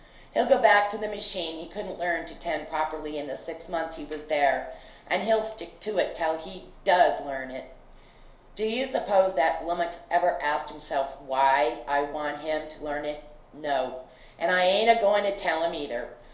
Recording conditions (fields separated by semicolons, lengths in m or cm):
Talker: one person; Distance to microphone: 1.0 m; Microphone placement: close; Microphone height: 1.1 m; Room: small (3.7 m by 2.7 m); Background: none